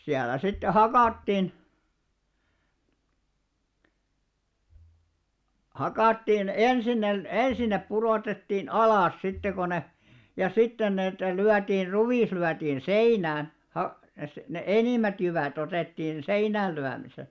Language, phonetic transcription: Finnish, 'siälä sitte "hakàttin , 'hakàttiin "ensin ne , "ensin nep 'puròtettiin "alàs sitte ko ne , ja 'sitten neetä 'lyätiir 'ruvis lyätiin̬ "seinään̬ , ha- , se- ne "enìm̆mät jyvä̀'t ‿otettiin 'seinäällyämisel .
- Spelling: siellä sitten hakattiin hakattiin ensin ne ensin ne pudotettiin alas sitten kun ne ja sitten niitä lyötiin ruis lyötiin seinään - - ne enimmät jyvät otettiin seinäänlyömisellä

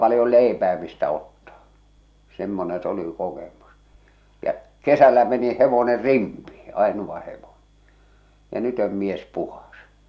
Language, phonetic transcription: Finnish, palⁱjol̆ 'lèipää mistä ottaa , 'semmoneḛ s ‿oli kokemus , jä , "kesällä meni "hevoner "rimpii , "aenuva hevoɴᴇ , ja "nyt ‿ö̳m mies 'puhas !
- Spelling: paljon leipää mistä ottaa semmoinen se oli kokemus ja kesällä meni hevonen rimpeen ainoa hevonen ja nyt on mies puhdas

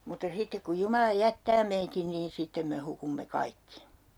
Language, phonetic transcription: Finnish, mutta 'sittek kuj 'Jumala 'jättää meitin niin 'sittem me 'hukumme "kaikki .
- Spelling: mutta sitten kun Jumala jättää meidän niin sitten me hukumme kaikki

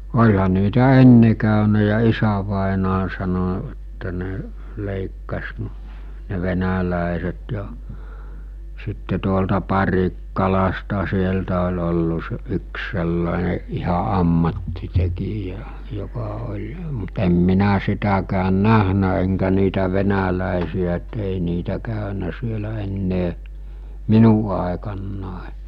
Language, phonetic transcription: Finnish, 'oĺha niitä 'enne kä̀önä ja 'isävàenaa sano että ne , 'lèikkas n- , ne 'venälä̀eset ja , sitte tuolta 'Parikkalasta 'sieltä ol̜ ollu se- 'yks sellàene , iha '’ammattitekijä , joka oĺ , mut em minä 'sitäkään "nähnä eŋkä niitä 'venälä̀esi₍ä et ei niitä 'kä̀önä sielä 'ennee , 'minu àekannàe .
- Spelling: olihan niitä ennen käynyt ja isävainaja sanoi että ne leikkasi - ne venäläiset ja sitten tuolta Parikkalasta sieltä oli ollut - yksi sellainen ihan ammattitekijä joka oli mutta en minä sitäkään nähnyt enkä niitä venäläisiä että ei niitä käynyt siellä enää minun aikana

